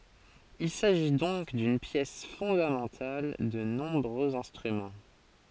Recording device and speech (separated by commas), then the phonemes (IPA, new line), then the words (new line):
forehead accelerometer, read sentence
il saʒi dɔ̃k dyn pjɛs fɔ̃damɑ̃tal də nɔ̃bʁøz ɛ̃stʁymɑ̃
Il s'agit donc d'une pièce fondamentale de nombreux instruments.